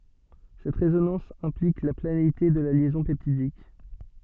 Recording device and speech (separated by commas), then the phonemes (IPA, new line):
soft in-ear microphone, read sentence
sɛt ʁezonɑ̃s ɛ̃plik la planeite də la ljɛzɔ̃ pɛptidik